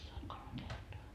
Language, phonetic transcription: Finnish, oĺ 'kolm kertoa .
- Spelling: oli kolme kertaa

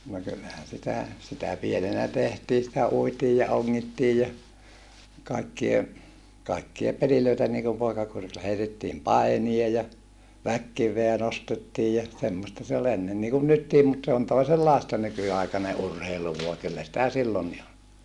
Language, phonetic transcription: Finnish, no kyllähän̬ sitä , sitä pienenä tehtii sitä uitii ja oŋŋittii ja , kaikkie , kaikkie pelilöitä niikum poikakurilla heitettiim painie ja , väkkiv̆veä nostettiij ja , semmosta se ol ‿ennen niikun nyttiim mut se on toisellàesta nyky₍aikane ʼurheilu vua kyllä sⁱtä sillonni ol .
- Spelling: no kyllähän sitä sitä pienenä tehtiin sitä uitiin ja ongittiin ja kaikkia kaikkia pelejä niin kuin poikakurilla heitettiin painia ja väkikiveä nostettiin ja semmoista se oli ennen niin kuin nytkin mutta se on toisenlaista nykyaikainen urheilu vaan kyllä sitä silloinkin oli

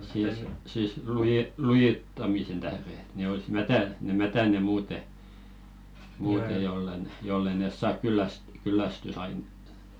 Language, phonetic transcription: Finnish, siis , siis luje- "lujittamisen tähðe ‿ᵉt 'ne ois "mätä- ne "mätäne 'muute , muute jolla ⁿᵉ , jol'l ‿e 'nès "saak kylläs- 'kyllästysainettᴀ .
- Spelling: siis siis - lujittamisen tähden että ne olisi - ne mätänee muuten muuten jolla ne jos ei ne saa - kyllästysainetta

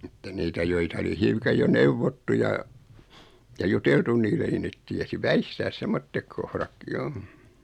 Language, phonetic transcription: Finnish, mutta 'niitä joita oli 'hiukaj jo "neuvottu ja , ja "juteltun niille ni 'net tiesi "väistääs 'semmottek kohra(kki) 'jo .
- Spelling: mutta niitä joita oli hiukan jo neuvottu ja ja juteltu niille niin ne tiesi väistää semmoiset kohdatkin jo

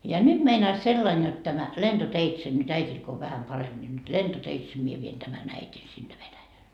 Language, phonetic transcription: Finnish, ja 'nyD meinais 'sellain jot tämä , "lenDoteitse , nyt "äit́il ko o 'vähäm 'paremB ńi nyt "lentoteitse mie vien 'tämän 'äit́in sinne 'Venäjäl .
- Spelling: ja nyt meinaisi sillä lailla jotta tämä lentoteitse nyt äidillä kun on vähän parempi niin nyt lentoteitse minä vien tämän äidin sinne Venäjälle

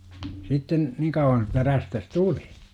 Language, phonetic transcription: Finnish, 'sitten , 'niŋ kauwwan että 'rästäs "tuli .
- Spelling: sitten niin kauan että räystäs tuli

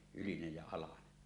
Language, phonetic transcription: Finnish, ylinej jä alane .
- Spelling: ylinen ja alanen

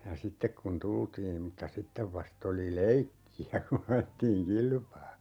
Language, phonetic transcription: Finnish, ja "sittek kun 'tultiim mutta 'sittev 'vast ‿oli "leikki₍ä ku'n ‿ajettiiŋ "kilpaa .
- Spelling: ja sitten kun tultiin mutta sitten vasta oli leikkiä kun ajettiin kilpaa

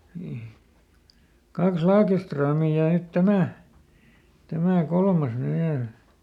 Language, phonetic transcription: Finnish, nii , ˈkaks ˈLaakeströmì ja ˈnyt "tämä , ˈtämä̀ ˈkolmas ny ˈviäl .
- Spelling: niin kaksi Lagerströmiä ja nyt tämä tämä kolmas nyt vielä

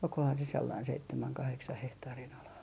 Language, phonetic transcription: Finnish, olkohan se sellain 'seittemäŋ 'kaheksah hehtaarin ala .
- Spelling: olikohan se sellainen seitsemän kahdeksan hehtaarin ala

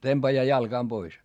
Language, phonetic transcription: Finnish, temBajaa jalGaam Bois .
- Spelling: tempaa jalkaa pois

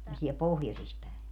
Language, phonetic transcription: Finnish, se on siɛl "pohjosis pä̀e .
- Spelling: se on siellä pohjoisissa päin

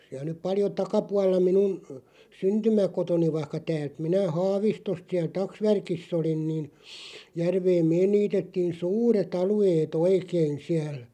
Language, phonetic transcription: Finnish, siäl̬ nyp 'paljo "takapual̆la 'minun , "syntymä'kotoni vaⁱhka "täält 'minä "Haavistost 'siäl "taksvärkis's ‿olin niin , 'järveem "meen 'niitettiin "suure't ‿alu₍ee"t ‿oikein siäl .
- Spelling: siellä nyt paljon takapuolella minun syntymäkotini vaikka täältä minä Haavistosta siellä taksvärkissä olin niin järveen me niitettiin suuret alueet oikein siellä

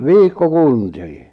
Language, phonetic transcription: Finnish, vikko'kuntii .
- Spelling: viikkokuntia

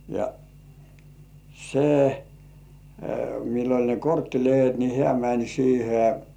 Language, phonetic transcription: Finnish, ja , se , mill ‿oĺ ne "korttilehet ni hĕä̀ mäń siihe .
- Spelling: ja se millä oli ne korttilehdet niin hän meni siihen

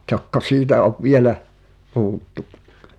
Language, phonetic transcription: Finnish, tokko "siitä ov 'vielä , puʰuttu ?
- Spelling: tokko siitä on vielä puhuttu

